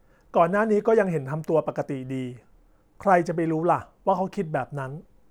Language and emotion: Thai, neutral